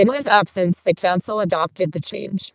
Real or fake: fake